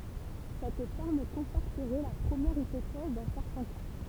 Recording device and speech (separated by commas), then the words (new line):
temple vibration pickup, read sentence
Cette forme conforterait la première hypothèse dans certains cas.